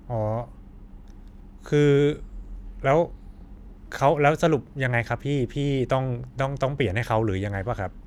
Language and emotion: Thai, neutral